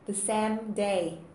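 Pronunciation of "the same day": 'The same day' is pronounced incorrectly here: 'same' is said like 'Sam'.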